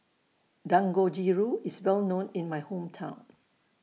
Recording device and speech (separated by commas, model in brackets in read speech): mobile phone (iPhone 6), read sentence